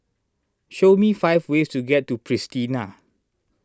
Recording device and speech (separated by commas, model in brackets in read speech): standing microphone (AKG C214), read sentence